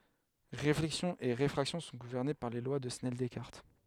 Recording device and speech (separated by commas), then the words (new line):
headset microphone, read sentence
Réflexion et réfraction sont gouvernées par les lois de Snell-Descartes.